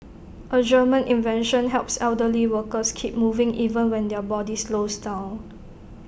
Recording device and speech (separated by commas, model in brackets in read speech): boundary microphone (BM630), read sentence